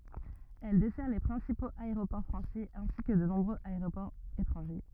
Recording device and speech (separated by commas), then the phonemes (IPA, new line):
rigid in-ear microphone, read sentence
ɛl dɛsɛʁ le pʁɛ̃sipoz aeʁopɔʁ fʁɑ̃sɛz ɛ̃si kə də nɔ̃bʁøz aeʁopɔʁz etʁɑ̃ʒe